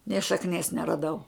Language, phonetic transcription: Lithuanian, nė šakˈnies neraˈdau

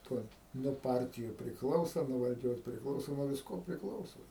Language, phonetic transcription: Lithuanian, ˈtuoj nuo ˈpartiju prikˈlausa nuo valˈdžios prikˈlauso nuo visˈko prikˈlauso

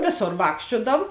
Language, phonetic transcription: Lithuanian, ˈvėˌsor ˈvākščiuodav

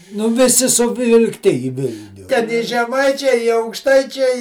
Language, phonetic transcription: Lithuanian, ˈnu viˈsi suvilkˈti į ˈvilniu ten ˈi žeˈmaičiai i aukˈštaičiai

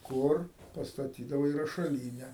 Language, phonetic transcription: Lithuanian, ˈkur pastaˈtydavai rašaˈlyne

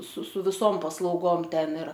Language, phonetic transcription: Lithuanian, su su viˈsom paslauˈgom ˈten ir

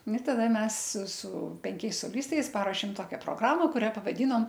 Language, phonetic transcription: Lithuanian, nu taˈda ˈmes su su penˈkiais soˈlistais ˈparošėm ˈtokia proˈgrama kuˈria pavaˈdynom

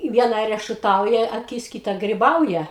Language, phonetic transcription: Lithuanian, ˈviena rešuˈtauja aˈkis ˈkyta griˈbauja

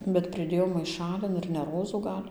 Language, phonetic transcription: Lithuanian, bet priˈdėjau maiˈšalin ir ne ˈrozų ˈgal'

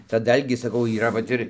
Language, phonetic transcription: Lithuanian, ta ˈdalgį saˈkau yˈra vat ˈir

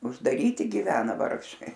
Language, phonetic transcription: Lithuanian, uždaˈryti giˈvena ˈvargšai

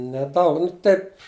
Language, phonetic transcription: Lithuanian, neˈdaug nu ˈtaip

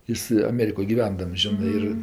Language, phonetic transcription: Lithuanian, ˈjis aˈmerikoj giˈvendams ˈžinɜ ˈir

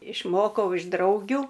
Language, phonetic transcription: Lithuanian, išˈmokau iš ˈdraugiu

